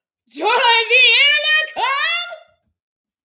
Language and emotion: English, happy